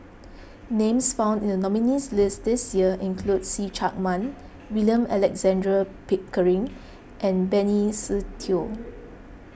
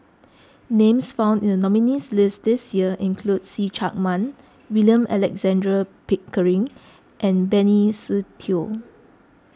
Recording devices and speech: boundary microphone (BM630), close-talking microphone (WH20), read sentence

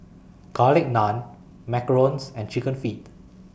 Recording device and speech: boundary microphone (BM630), read sentence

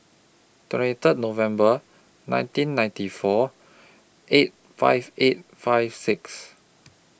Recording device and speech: boundary microphone (BM630), read sentence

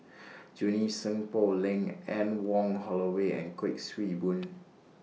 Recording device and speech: mobile phone (iPhone 6), read sentence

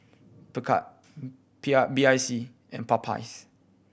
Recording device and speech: boundary microphone (BM630), read sentence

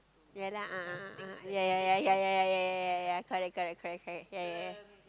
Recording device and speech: close-talking microphone, conversation in the same room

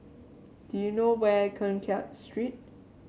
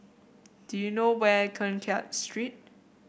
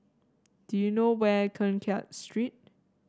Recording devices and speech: mobile phone (Samsung C7), boundary microphone (BM630), standing microphone (AKG C214), read sentence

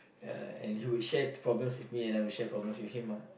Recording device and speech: boundary microphone, conversation in the same room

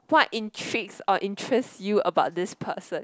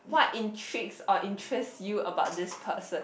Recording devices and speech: close-talking microphone, boundary microphone, conversation in the same room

